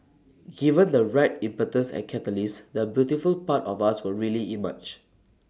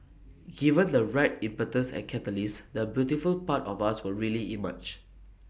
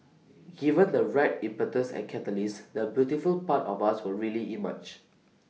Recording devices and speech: standing microphone (AKG C214), boundary microphone (BM630), mobile phone (iPhone 6), read sentence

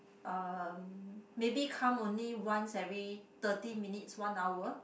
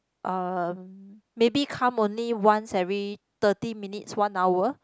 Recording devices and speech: boundary microphone, close-talking microphone, conversation in the same room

